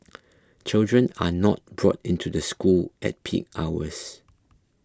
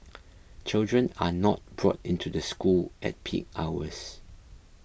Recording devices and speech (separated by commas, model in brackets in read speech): close-talking microphone (WH20), boundary microphone (BM630), read sentence